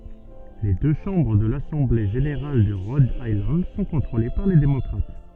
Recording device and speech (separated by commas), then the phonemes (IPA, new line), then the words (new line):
soft in-ear microphone, read sentence
le dø ʃɑ̃bʁ də lasɑ̃ble ʒeneʁal də ʁɔd ajlɑ̃d sɔ̃ kɔ̃tʁole paʁ le demɔkʁat
Les deux chambres de l'Assemblée générale de Rhode Island sont contrôlées par les démocrates.